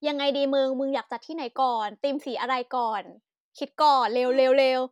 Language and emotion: Thai, happy